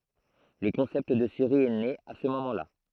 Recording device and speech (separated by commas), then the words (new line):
throat microphone, read sentence
Le concept de série est né à ce moment là.